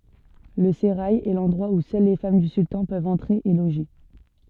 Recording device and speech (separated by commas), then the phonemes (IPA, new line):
soft in-ear microphone, read sentence
lə seʁaj ɛ lɑ̃dʁwa u sœl le fam dy syltɑ̃ pøvt ɑ̃tʁe e loʒe